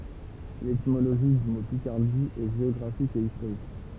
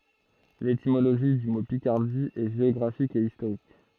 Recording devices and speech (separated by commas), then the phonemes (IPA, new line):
temple vibration pickup, throat microphone, read sentence
letimoloʒi dy mo pikaʁdi ɛ ʒeɔɡʁafik e istoʁik